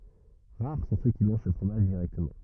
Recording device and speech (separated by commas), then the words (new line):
rigid in-ear microphone, read sentence
Rares sont ceux qui mangent ce fromage directement.